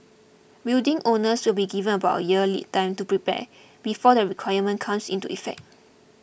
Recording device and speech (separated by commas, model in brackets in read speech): boundary microphone (BM630), read sentence